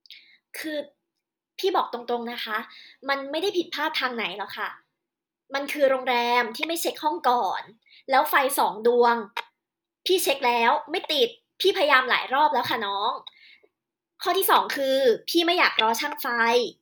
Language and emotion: Thai, angry